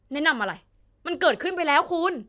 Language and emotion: Thai, angry